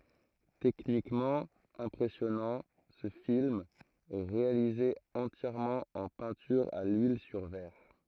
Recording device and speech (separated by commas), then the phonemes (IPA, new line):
throat microphone, read sentence
tɛknikmɑ̃ ɛ̃pʁɛsjɔnɑ̃ sə film ɛ ʁealize ɑ̃tjɛʁmɑ̃ ɑ̃ pɛ̃tyʁ a lyil syʁ vɛʁ